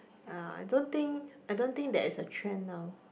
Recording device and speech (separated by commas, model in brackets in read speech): boundary microphone, conversation in the same room